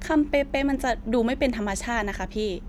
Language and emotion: Thai, neutral